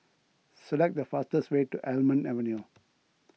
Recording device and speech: mobile phone (iPhone 6), read sentence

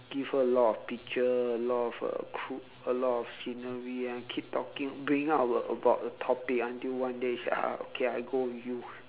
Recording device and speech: telephone, conversation in separate rooms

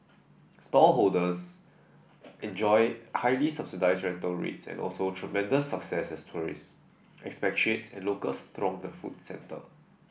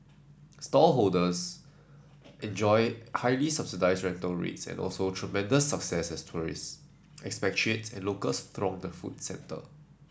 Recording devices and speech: boundary microphone (BM630), standing microphone (AKG C214), read sentence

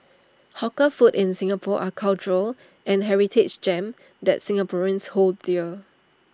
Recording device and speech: standing microphone (AKG C214), read sentence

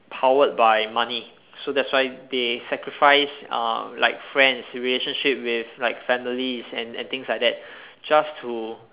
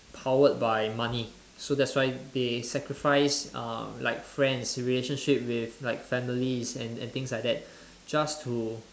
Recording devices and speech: telephone, standing microphone, conversation in separate rooms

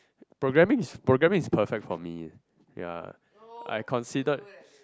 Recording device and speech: close-talking microphone, conversation in the same room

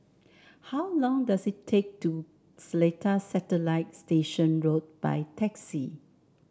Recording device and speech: standing microphone (AKG C214), read sentence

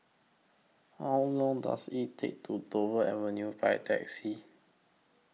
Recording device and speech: mobile phone (iPhone 6), read sentence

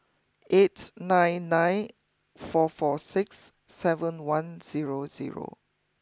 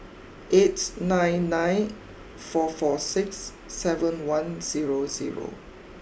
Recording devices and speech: close-talking microphone (WH20), boundary microphone (BM630), read sentence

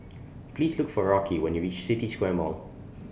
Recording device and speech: boundary microphone (BM630), read sentence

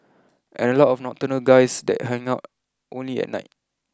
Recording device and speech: close-talking microphone (WH20), read sentence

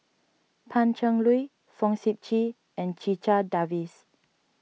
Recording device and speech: mobile phone (iPhone 6), read sentence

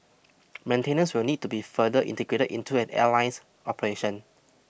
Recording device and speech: boundary microphone (BM630), read sentence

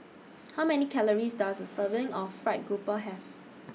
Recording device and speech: mobile phone (iPhone 6), read sentence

